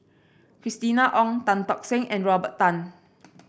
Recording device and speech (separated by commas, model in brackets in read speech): boundary microphone (BM630), read sentence